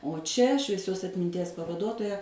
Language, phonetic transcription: Lithuanian, o ˈčia švieˈsios atminˈties pavaˈduotoja

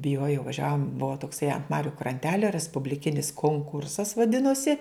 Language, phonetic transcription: Lithuanian, biˈjuojau vaˈžiavom ˈbuvo tokˈsai ant ˈmariu kranˈtelio respubliˈkinis konˈkursas vaˈdinosi

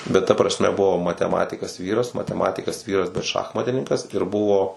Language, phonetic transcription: Lithuanian, bet ta prasˈme ˈbuvo mateˈmatikas ˈvyras mateˈmatikas ˈvyras bet ˈšachmatininkas ir ˈbuvo

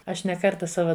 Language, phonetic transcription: Lithuanian, ˈaš ne ˈkarta ˈsava

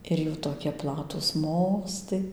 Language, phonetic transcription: Lithuanian, ir ˈjų toˈkie ˈplatūs ˈmostai

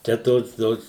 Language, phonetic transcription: Lithuanian, ˈčia ˈtos ˈtos

